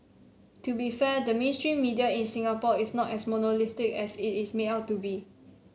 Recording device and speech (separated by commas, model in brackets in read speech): mobile phone (Samsung C7), read sentence